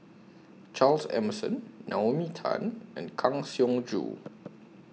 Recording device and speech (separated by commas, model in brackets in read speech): mobile phone (iPhone 6), read sentence